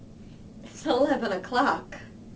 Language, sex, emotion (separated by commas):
English, female, happy